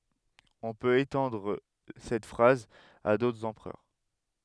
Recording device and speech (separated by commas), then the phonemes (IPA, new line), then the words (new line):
headset microphone, read sentence
ɔ̃ pøt etɑ̃dʁ sɛt fʁaz a dotʁz ɑ̃pʁœʁ
On peut étendre cette phrase à d'autres empereurs.